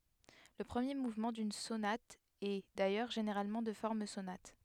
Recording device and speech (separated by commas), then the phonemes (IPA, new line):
headset microphone, read sentence
lə pʁəmje muvmɑ̃ dyn sonat ɛ dajœʁ ʒeneʁalmɑ̃ də fɔʁm sonat